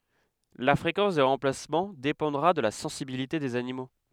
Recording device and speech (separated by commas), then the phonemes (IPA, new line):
headset microphone, read sentence
la fʁekɑ̃s de ʁɑ̃plasmɑ̃ depɑ̃dʁa də la sɑ̃sibilite dez animo